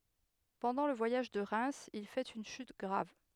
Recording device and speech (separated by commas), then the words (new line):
headset microphone, read sentence
Pendant le voyage de Reims, il fait une chute grave.